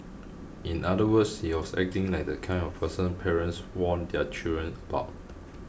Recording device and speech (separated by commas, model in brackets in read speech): boundary microphone (BM630), read sentence